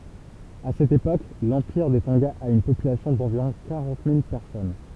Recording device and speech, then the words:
temple vibration pickup, read sentence
À cette époque, l’empire des Tonga a une population d’environ quarante mille personnes.

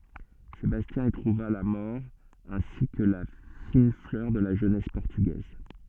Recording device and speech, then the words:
soft in-ear microphone, read sentence
Sébastien y trouva la mort ainsi que la fine fleur de la jeunesse portugaise.

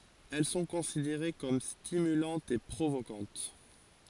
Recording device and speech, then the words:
forehead accelerometer, read sentence
Elles sont considérées comme stimulantes et provocantes.

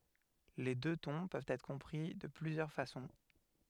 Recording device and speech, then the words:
headset microphone, read sentence
Les deux tons peuvent être compris de plusieurs façons.

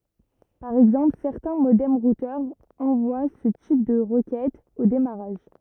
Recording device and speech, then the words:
rigid in-ear microphone, read sentence
Par exemple, certains modems-routeurs envoient ce type de requêtes au démarrage.

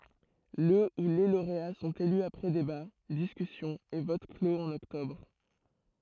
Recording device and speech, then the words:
throat microphone, read sentence
Le ou les lauréats sont élus après débats, discussions et votes clos en octobre.

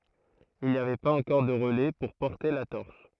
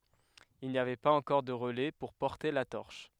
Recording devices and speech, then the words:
throat microphone, headset microphone, read sentence
Il n'y avait pas encore de relais pour porter la torche.

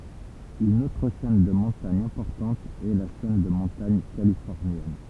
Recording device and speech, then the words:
temple vibration pickup, read sentence
Une autre chaîne de montagne importante est la chaîne de montagne californienne.

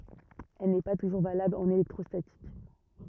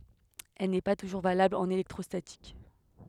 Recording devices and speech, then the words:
rigid in-ear microphone, headset microphone, read sentence
Elle n'est pas toujours valable en électrostatique.

